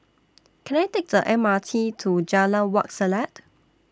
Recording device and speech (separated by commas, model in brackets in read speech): standing microphone (AKG C214), read sentence